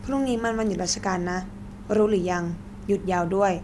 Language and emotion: Thai, neutral